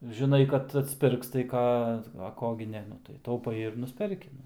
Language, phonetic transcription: Lithuanian, žiˈnai kad atsˈpirks tai ˈką a ˈko gi ˈne ˈnu tai tauˈpai ir ˈnusperki

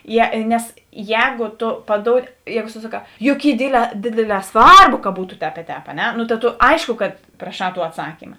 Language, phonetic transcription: Lithuanian, ˈje nes ˈjēgo to paˈdoudi ˈjēgo susaˈkā juk ˈy ˈdėdˌlē ˈdėdėˌlē ˈsvarˌbo ka ˈbūtu tēp i ˈtēp a ˈne no ta to ˈaiško kad praˈšā tuo atˈsakyma

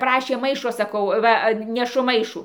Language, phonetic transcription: Lithuanian, ˈprašė ˈmaišo saˈkau ˈva neˈšu ˈmaišų

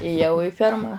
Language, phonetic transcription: Lithuanian, ėˈjau i ˈferma

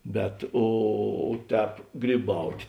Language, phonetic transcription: Lithuanian, bet ˈo ˈtēp gryˈbaut'

